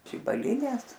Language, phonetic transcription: Lithuanian, žibaliˈnės

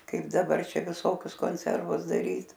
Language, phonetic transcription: Lithuanian, ˈkaip daˈbar ˈčia viˈsokius konˈservus daˈryt

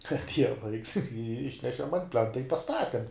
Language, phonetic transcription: Lithuanian, atˈieja ˈlaiks ir ˈišnešem ant ˈplenta i paˈstatem

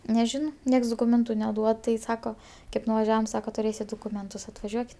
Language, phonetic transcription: Lithuanian, neˈžinau ˈnieks doˈkūmentu neˈduod tai ˈsako ˈkaip nuvaˈžiavam ˈsaka tuˈrėsit dukuˈmentus atvaˈžiuokit

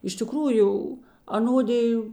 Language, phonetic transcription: Lithuanian, iš tiˈkrųju aˈnodiju

